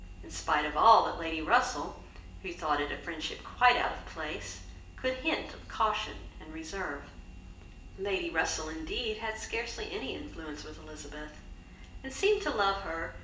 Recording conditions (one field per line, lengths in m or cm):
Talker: one person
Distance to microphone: 1.8 m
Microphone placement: close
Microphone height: 1.0 m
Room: large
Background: none